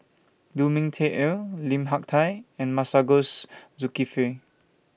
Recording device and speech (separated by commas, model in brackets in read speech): boundary microphone (BM630), read sentence